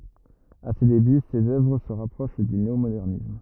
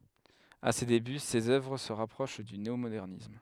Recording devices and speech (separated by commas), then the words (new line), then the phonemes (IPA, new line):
rigid in-ear microphone, headset microphone, read sentence
À ses débuts, ses œuvres se rapprochent du néomodernisme.
a se deby sez œvʁ sə ʁapʁoʃ dy neomodɛʁnism